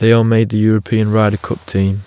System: none